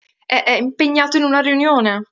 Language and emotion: Italian, fearful